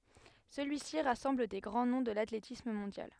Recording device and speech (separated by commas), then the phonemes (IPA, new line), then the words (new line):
headset microphone, read sentence
səlyisi ʁasɑ̃bl de ɡʁɑ̃ nɔ̃ də latletism mɔ̃djal
Celui-ci rassemble des grands noms de l'athlétisme mondial.